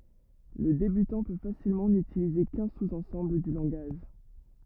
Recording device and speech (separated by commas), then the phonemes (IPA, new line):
rigid in-ear microphone, read sentence
lə debytɑ̃ pø fasilmɑ̃ nytilize kœ̃ suz ɑ̃sɑ̃bl dy lɑ̃ɡaʒ